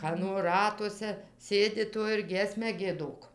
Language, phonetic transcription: Lithuanian, ˈkano ˈratuose ˈsėdi ˈto ir ˈgiesmę gieˈdok

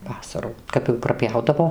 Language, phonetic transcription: Lithuanian, ˈvasarų ˈkap jau praˈpjaudavo

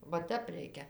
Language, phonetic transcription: Lithuanian, va ˈtep ˈreikia

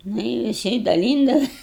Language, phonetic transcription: Lithuanian, ˈnu i viˈsi daˈlyndavas

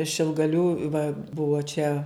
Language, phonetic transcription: Lithuanian, šilgaˈlių va ˈbuvo čia

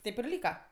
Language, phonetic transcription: Lithuanian, ˈtėp ir ˈlyka

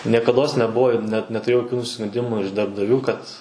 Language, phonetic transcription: Lithuanian, niekadˈos neˈbuvo ir net netuˈrėjau joˈkių nusiskunˈdimų iš darbdaˈvių kad

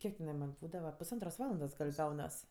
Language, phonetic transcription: Lithuanian, ˈkiek teˈnai man' ˈbūdava pusˈantros ˈvalandos gal' ˈgaunas

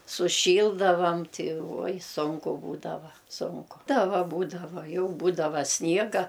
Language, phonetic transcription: Lithuanian, suˈšyldavam ˈti uoj ˈsunku ˈbūdava ˈsunku ˈta ˈva ˈbūdava ˈjau ˈbūdava ˈsniega

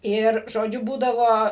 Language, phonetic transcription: Lithuanian, ir žoˈdžiu ˈbūdavo

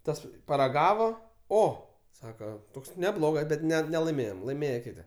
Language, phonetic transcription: Lithuanian, ˈtas paraˈgavo ˈo ˈsaka ˈtoks neˈblogas ˈbet ˈne nelaiˈmėjom laiˈmėje ˈkiti

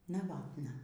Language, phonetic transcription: Lithuanian, naˈvatna

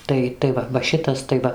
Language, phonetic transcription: Lithuanian, ˈtai tai ˈva va ˈšitas tai ˈva

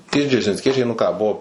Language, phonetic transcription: Lithuanian, ˈtie džeržinsˈkiečiai nu ˈką ˈbuvo

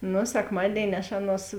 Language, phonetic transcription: Lithuanian, ˈnu sekˈmadėini aš ˈaˌnuos

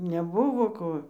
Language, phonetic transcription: Lithuanian, neˈbuvo ˈko

